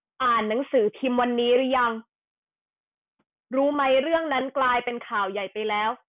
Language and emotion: Thai, frustrated